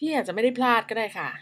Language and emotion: Thai, frustrated